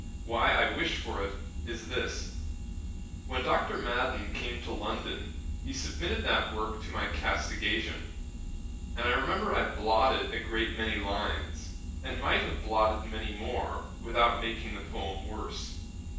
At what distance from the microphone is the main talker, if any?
9.8 m.